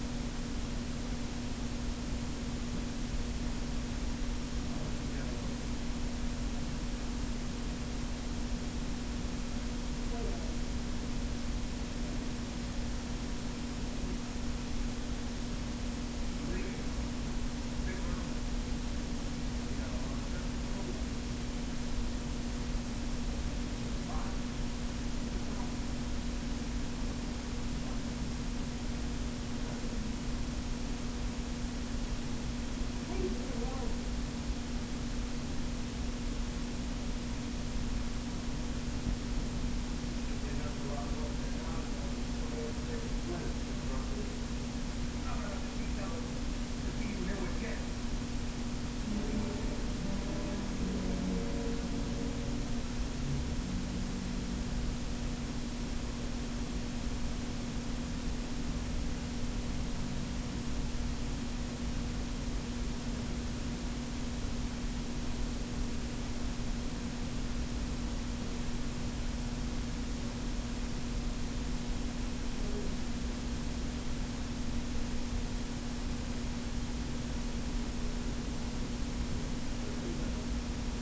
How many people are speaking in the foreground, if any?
No one.